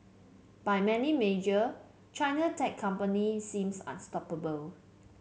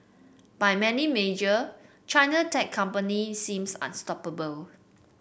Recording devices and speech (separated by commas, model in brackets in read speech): mobile phone (Samsung C7), boundary microphone (BM630), read sentence